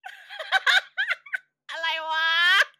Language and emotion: Thai, happy